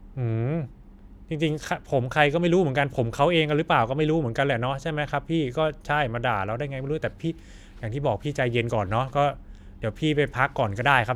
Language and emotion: Thai, frustrated